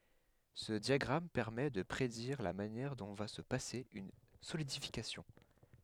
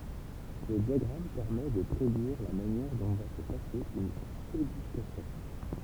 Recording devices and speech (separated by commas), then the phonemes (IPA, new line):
headset microphone, temple vibration pickup, read sentence
sə djaɡʁam pɛʁmɛ də pʁediʁ la manjɛʁ dɔ̃ va sə pase yn solidifikasjɔ̃